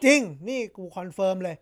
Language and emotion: Thai, happy